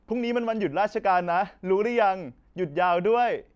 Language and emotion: Thai, happy